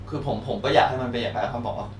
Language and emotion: Thai, sad